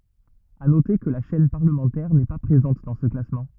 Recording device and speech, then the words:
rigid in-ear microphone, read sentence
À noter que la chaîne parlementaire n'est pas présente dans ce classement.

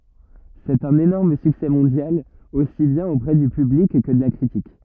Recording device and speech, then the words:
rigid in-ear microphone, read sentence
C'est un énorme succès mondial, aussi bien auprès du public, que de la critique.

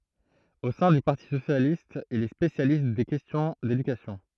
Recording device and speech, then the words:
throat microphone, read sentence
Au sein du Parti Socialiste, il est spécialiste des questions d’éducation.

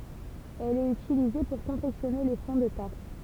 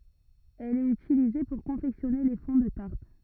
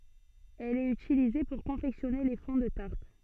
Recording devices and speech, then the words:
temple vibration pickup, rigid in-ear microphone, soft in-ear microphone, read sentence
Elle est utilisée pour confectionner les fonds de tarte.

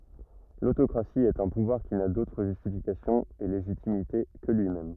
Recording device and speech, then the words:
rigid in-ear microphone, read sentence
L'autocratie est un pouvoir qui n'a d'autre justification et légitimité que lui-même.

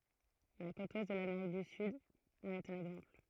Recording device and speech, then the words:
throat microphone, read sentence
La côte ouest de l'Amérique du Sud en est un exemple.

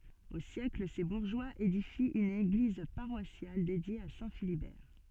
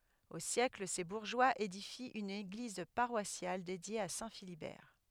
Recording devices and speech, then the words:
soft in-ear microphone, headset microphone, read sentence
Au siècle, ses bourgeois édifient une église paroissiale, dédiée à Saint Philibert.

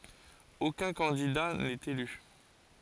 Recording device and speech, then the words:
forehead accelerometer, read sentence
Aucun candidat n'est élu.

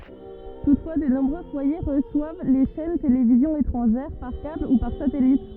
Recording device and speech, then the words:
rigid in-ear microphone, read sentence
Toutefois, de nombreux foyers reçoivent les chaînes télévisions étrangères par câble ou par satellite.

